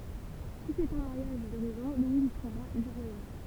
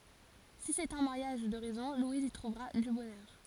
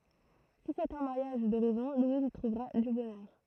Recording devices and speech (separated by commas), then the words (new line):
temple vibration pickup, forehead accelerometer, throat microphone, read sentence
Si c'est un mariage de raison, Louise y trouvera du bonheur.